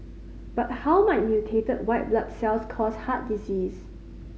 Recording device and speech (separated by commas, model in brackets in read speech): mobile phone (Samsung C5010), read sentence